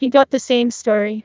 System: TTS, neural waveform model